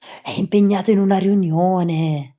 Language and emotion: Italian, surprised